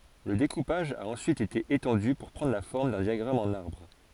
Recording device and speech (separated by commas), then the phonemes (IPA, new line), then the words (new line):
forehead accelerometer, read sentence
lə dekupaʒ a ɑ̃syit ete etɑ̃dy puʁ pʁɑ̃dʁ la fɔʁm dœ̃ djaɡʁam ɑ̃n aʁbʁ
Le découpage a ensuite été étendu pour prendre la forme d'un diagramme en arbre.